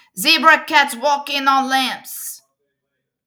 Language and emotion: English, neutral